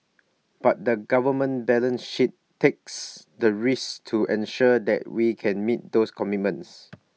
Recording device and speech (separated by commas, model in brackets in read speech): mobile phone (iPhone 6), read sentence